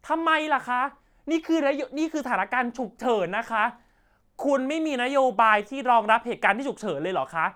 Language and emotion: Thai, angry